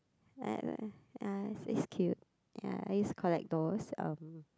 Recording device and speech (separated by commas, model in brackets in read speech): close-talking microphone, conversation in the same room